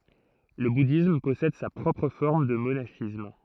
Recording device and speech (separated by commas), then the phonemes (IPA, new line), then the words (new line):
throat microphone, read sentence
lə budism pɔsɛd sa pʁɔpʁ fɔʁm də monaʃism
Le bouddhisme possède sa propre forme de monachisme.